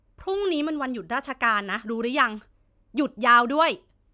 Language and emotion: Thai, frustrated